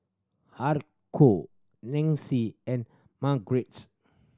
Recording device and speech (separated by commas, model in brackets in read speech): standing microphone (AKG C214), read sentence